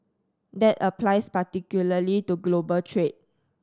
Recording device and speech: standing microphone (AKG C214), read sentence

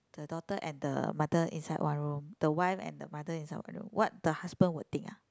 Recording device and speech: close-talking microphone, conversation in the same room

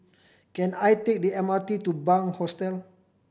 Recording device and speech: boundary microphone (BM630), read sentence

